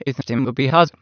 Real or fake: fake